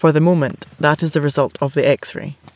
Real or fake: real